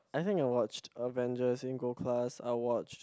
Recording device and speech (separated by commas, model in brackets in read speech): close-talking microphone, conversation in the same room